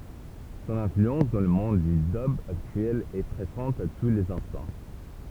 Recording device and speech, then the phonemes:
temple vibration pickup, read sentence
sɔ̃n ɛ̃flyɑ̃s dɑ̃ lə mɔ̃d dy dœb aktyɛl ɛ pʁezɑ̃t a tu lez ɛ̃stɑ̃

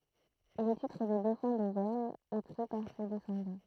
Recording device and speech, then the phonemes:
throat microphone, read sentence
lə titʁ də dofɛ̃ dovɛʁɲ ɛ pʁi paʁ se dɛsɑ̃dɑ̃

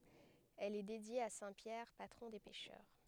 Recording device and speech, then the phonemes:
headset microphone, read sentence
ɛl ɛ dedje a sɛ̃ pjɛʁ patʁɔ̃ de pɛʃœʁ

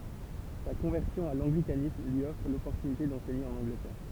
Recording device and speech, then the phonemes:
temple vibration pickup, read sentence
sa kɔ̃vɛʁsjɔ̃ a lɑ̃ɡlikanism lyi ɔfʁ lɔpɔʁtynite dɑ̃sɛɲe ɑ̃n ɑ̃ɡlətɛʁ

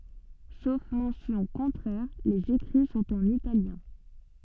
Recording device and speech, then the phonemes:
soft in-ear microphone, read sentence
sof mɑ̃sjɔ̃ kɔ̃tʁɛʁ lez ekʁi sɔ̃t ɑ̃n italjɛ̃

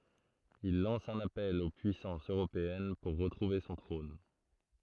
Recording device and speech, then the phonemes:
throat microphone, read sentence
il lɑ̃s œ̃n apɛl o pyisɑ̃sz øʁopeɛn puʁ ʁətʁuve sɔ̃ tʁɔ̃n

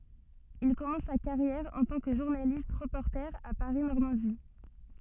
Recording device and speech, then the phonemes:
soft in-ear microphone, read sentence
il kɔmɑ̃s sa kaʁjɛʁ ɑ̃ tɑ̃ kə ʒuʁnalist ʁəpɔʁte a paʁi nɔʁmɑ̃di

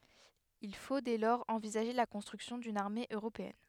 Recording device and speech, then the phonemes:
headset microphone, read sentence
il fo dɛ lɔʁz ɑ̃vizaʒe la kɔ̃stʁyksjɔ̃ dyn aʁme øʁopeɛn

